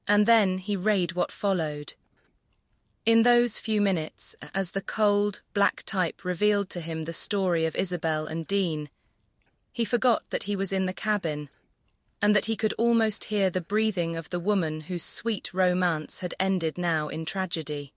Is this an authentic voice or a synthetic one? synthetic